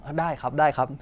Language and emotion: Thai, neutral